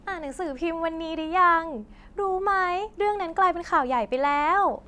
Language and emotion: Thai, happy